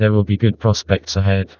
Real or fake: fake